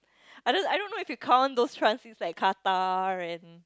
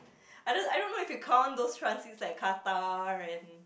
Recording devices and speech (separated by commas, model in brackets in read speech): close-talking microphone, boundary microphone, conversation in the same room